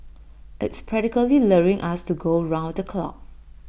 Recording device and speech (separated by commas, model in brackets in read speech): boundary microphone (BM630), read sentence